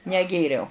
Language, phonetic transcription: Lithuanian, neˈgėriau

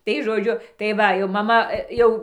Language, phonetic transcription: Lithuanian, tai žoˈdžiu tai ˈva jau maˈma ˈjau

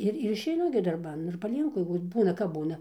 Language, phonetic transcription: Lithuanian, ˈir ir išeiˈnu gi darˈban ir paˈlienku ir ˈbūna kap ˈbūna

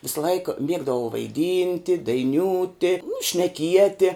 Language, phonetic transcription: Lithuanian, visaˈlaik ˈmiegdavau vaiˈdynti daiˈniūti šneˈkieti

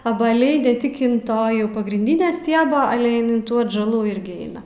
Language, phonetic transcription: Lithuanian, abaˈliai ne ˈtik in ˈto jau pagrinˈdine ˈstieba ˈale ˈin in tų atžaˈlų ˈirgi ˈeina

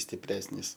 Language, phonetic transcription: Lithuanian, stiˈpresnys

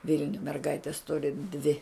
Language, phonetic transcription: Lithuanian, ˈvilniuj merˈgaites ˈturi dvi

